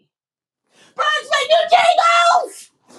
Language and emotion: English, surprised